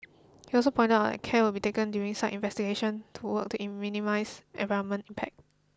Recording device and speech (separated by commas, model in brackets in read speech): close-talking microphone (WH20), read sentence